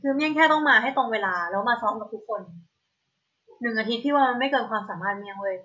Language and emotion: Thai, frustrated